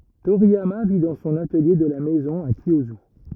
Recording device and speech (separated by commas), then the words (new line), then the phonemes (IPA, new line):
rigid in-ear microphone, read sentence
Toriyama vit dans son atelier de la maison à Kiyosu.
toʁijama vi dɑ̃ sɔ̃n atəlje də la mɛzɔ̃ a kjjozy